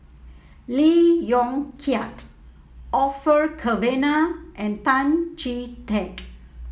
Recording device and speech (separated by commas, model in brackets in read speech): mobile phone (iPhone 7), read sentence